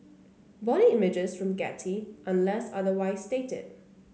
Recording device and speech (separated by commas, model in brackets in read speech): mobile phone (Samsung C9), read sentence